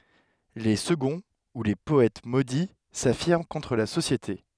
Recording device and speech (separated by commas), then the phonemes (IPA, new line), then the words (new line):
headset microphone, read sentence
le səɡɔ̃ u le pɔɛt modi safiʁm kɔ̃tʁ la sosjete
Les seconds ou les Poètes Maudits s'affirment contre la société.